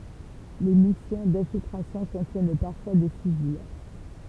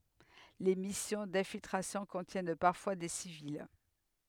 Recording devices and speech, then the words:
temple vibration pickup, headset microphone, read sentence
Les missions d'infiltration contiennent parfois des civils.

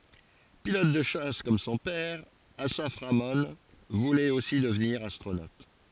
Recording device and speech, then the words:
forehead accelerometer, read sentence
Pilote de chasse comme son père, Assaf Ramon voulait aussi devenir astronaute.

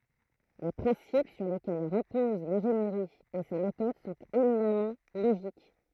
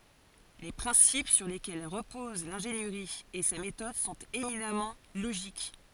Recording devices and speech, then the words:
throat microphone, forehead accelerometer, read sentence
Les principes sur lesquels reposent l’ingénierie et sa méthode sont éminemment logiques.

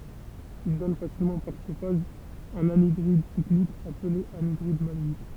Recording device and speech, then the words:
temple vibration pickup, read sentence
Il donne facilement par chauffage un anhydride cyclique appelé anhydride maléique.

